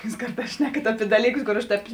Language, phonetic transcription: Lithuanian, jūs ˈkarˌtās ˈšnekat ˈapi ˈdalyˌkus kor ˈaš ˈtēp

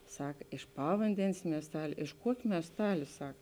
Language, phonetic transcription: Lithuanian, ˈsak iš ˈpavandenės miesˈtalė iš ˈkuokė miesˈtalė ˈsak

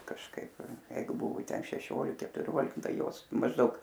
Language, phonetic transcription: Lithuanian, kažˈkaip ˈjeigu ˈbuvu ˈten šeˈšiolik ketuˈriolik ˈtai ˈjos mažˈdaug

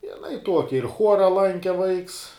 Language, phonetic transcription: Lithuanian, jiˈnai ˈtuoki ir ˈchuora ˈlanke vaiks

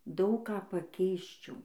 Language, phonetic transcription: Lithuanian, ˈdaug ˈką paˈkeisčiau

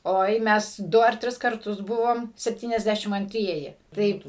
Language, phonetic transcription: Lithuanian, ˈoi ˈmes ˈdu ar ˈtris karˈtus ˈbuvom sepˌtyniasˈdæšim anˈtrieji ˈtaip

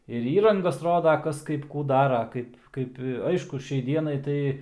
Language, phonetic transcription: Lithuanian, ir ˈįrangas ˈroda ˈkas ˈkaip ˈkų ˈdara ˈkaip ˈkaip ˈaišku ˈšiai ˈdienai tai

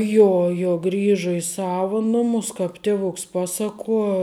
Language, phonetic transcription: Lithuanian, ˈjo jo ˈgriža i ˈsava ˈnumus ˈkāp ˈtėvuks ˈpasaˌkuo

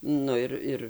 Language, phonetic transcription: Lithuanian, ˈnu ir ˈir

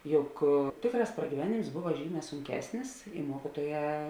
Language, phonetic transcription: Lithuanian, ˈjuk ˈtėkˌrās pragyˈvenėms ˈbuva ˈžyˌmē sunˈkesnis i ˈmuokytuoˌjē

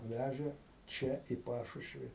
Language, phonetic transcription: Lithuanian, ˈvæžė ˈčia į ˈpašušvi

